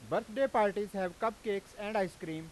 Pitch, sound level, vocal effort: 205 Hz, 98 dB SPL, very loud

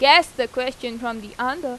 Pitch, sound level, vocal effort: 255 Hz, 93 dB SPL, loud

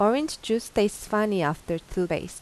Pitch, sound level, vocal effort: 205 Hz, 85 dB SPL, normal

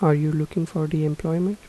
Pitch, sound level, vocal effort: 160 Hz, 78 dB SPL, soft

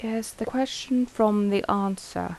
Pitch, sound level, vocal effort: 220 Hz, 80 dB SPL, soft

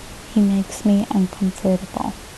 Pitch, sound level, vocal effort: 200 Hz, 70 dB SPL, soft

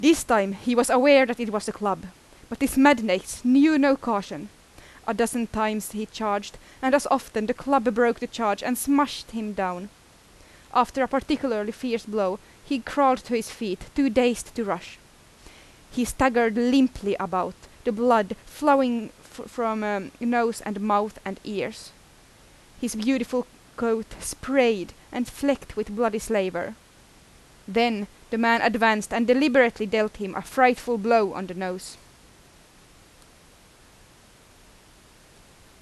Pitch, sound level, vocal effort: 230 Hz, 88 dB SPL, very loud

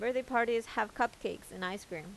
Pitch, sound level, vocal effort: 230 Hz, 87 dB SPL, normal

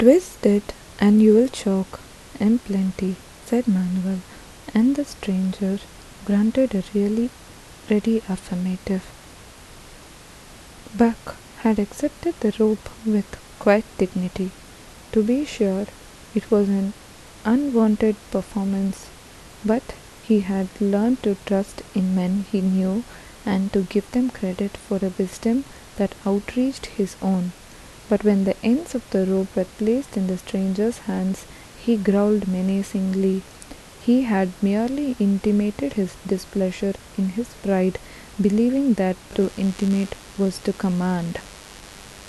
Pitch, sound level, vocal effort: 200 Hz, 73 dB SPL, soft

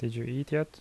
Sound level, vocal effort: 76 dB SPL, soft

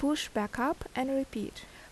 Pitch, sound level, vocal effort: 270 Hz, 77 dB SPL, normal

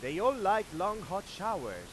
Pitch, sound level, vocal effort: 205 Hz, 103 dB SPL, very loud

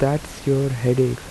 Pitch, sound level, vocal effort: 135 Hz, 78 dB SPL, soft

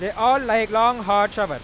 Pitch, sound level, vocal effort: 220 Hz, 104 dB SPL, very loud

